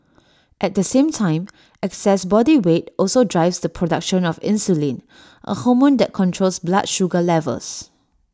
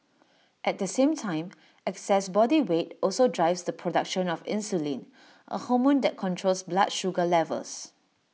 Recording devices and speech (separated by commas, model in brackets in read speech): standing microphone (AKG C214), mobile phone (iPhone 6), read sentence